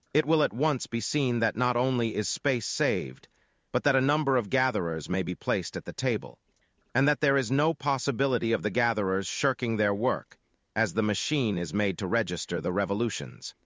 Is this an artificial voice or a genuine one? artificial